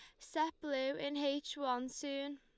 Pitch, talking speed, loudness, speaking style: 280 Hz, 165 wpm, -39 LUFS, Lombard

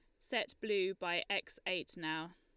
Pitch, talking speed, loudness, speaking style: 175 Hz, 165 wpm, -38 LUFS, Lombard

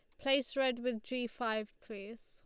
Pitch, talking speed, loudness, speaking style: 245 Hz, 175 wpm, -36 LUFS, Lombard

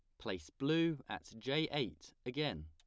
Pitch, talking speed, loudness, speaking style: 135 Hz, 145 wpm, -39 LUFS, plain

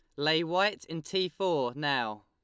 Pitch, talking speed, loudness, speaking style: 160 Hz, 175 wpm, -30 LUFS, Lombard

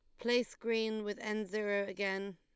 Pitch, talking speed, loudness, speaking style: 215 Hz, 165 wpm, -36 LUFS, Lombard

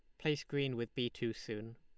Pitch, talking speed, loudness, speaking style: 120 Hz, 230 wpm, -39 LUFS, Lombard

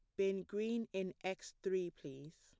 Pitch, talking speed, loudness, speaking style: 190 Hz, 165 wpm, -42 LUFS, plain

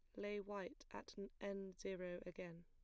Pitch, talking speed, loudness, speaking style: 195 Hz, 150 wpm, -51 LUFS, plain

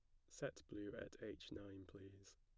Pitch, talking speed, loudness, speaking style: 100 Hz, 175 wpm, -54 LUFS, plain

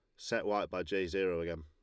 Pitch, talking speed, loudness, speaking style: 95 Hz, 255 wpm, -35 LUFS, Lombard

